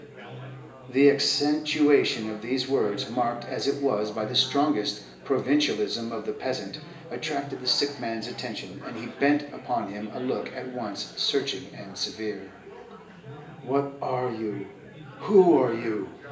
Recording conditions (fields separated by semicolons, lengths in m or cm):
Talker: one person; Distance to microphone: 1.8 m; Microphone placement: close; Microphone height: 1.0 m; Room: large; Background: babble